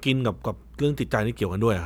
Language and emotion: Thai, neutral